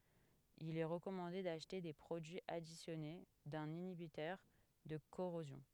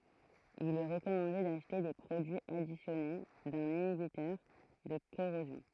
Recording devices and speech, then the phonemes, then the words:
headset microphone, throat microphone, read sentence
il ɛ ʁəkɔmɑ̃de daʃte de pʁodyiz adisjɔne dœ̃n inibitœʁ də koʁozjɔ̃
Il est recommandé d’acheter des produits additionnés d’un inhibiteur de corrosion.

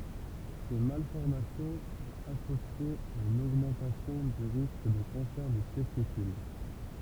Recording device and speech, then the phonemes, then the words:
temple vibration pickup, read sentence
se malfɔʁmasjɔ̃ sɔ̃t asosjez a yn oɡmɑ̃tasjɔ̃ dy ʁisk də kɑ̃sɛʁ dy tɛstikyl
Ces malformations sont associées à une augmentation du risque de cancer du testicule.

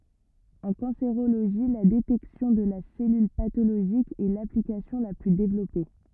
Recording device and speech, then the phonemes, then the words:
rigid in-ear microphone, read sentence
ɑ̃ kɑ̃seʁoloʒi la detɛksjɔ̃ də la sɛlyl patoloʒik ɛ laplikasjɔ̃ la ply devlɔpe
En cancérologie, la détection de la cellule pathologique est l’application la plus développée.

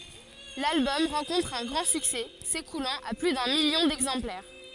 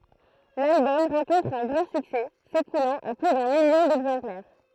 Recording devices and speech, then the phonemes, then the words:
forehead accelerometer, throat microphone, read sentence
lalbɔm ʁɑ̃kɔ̃tʁ œ̃ ɡʁɑ̃ syksɛ sekulɑ̃t a ply dœ̃ miljɔ̃ dɛɡzɑ̃plɛʁ
L'album rencontre un grand succès, s'écoulant à plus d'un million d'exemplaires.

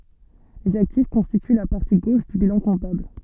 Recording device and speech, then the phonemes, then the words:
soft in-ear microphone, read sentence
lez aktif kɔ̃stity la paʁti ɡoʃ dy bilɑ̃ kɔ̃tabl
Les actifs constituent la partie gauche du bilan comptable.

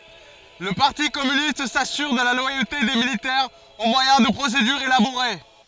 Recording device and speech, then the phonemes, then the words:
forehead accelerometer, read sentence
lə paʁti kɔmynist sasyʁ də la lwajote de militɛʁz o mwajɛ̃ də pʁosedyʁz elaboʁe
Le parti communiste s'assure de la loyauté des militaires au moyen de procédures élaborées.

